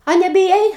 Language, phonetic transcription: Lithuanian, a nebiˈjai

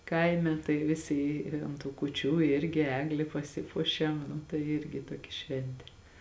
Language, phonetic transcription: Lithuanian, ˈkaime tai ˈvisi ˈi ant tų kuˈčių ˈirgi ˈegli paˈsipuošiam nu tai ˈirgi ˈtuokia ˈšventė

